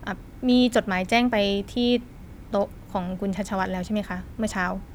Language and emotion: Thai, neutral